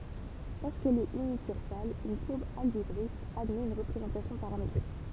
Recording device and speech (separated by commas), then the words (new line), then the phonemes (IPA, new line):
temple vibration pickup, read sentence
Lorsqu'elle est unicursale, une courbe algébrique admet une représentation paramétrique.
loʁskɛl ɛt ynikyʁsal yn kuʁb alʒebʁik admɛt yn ʁəpʁezɑ̃tasjɔ̃ paʁametʁik